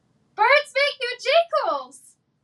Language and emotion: English, surprised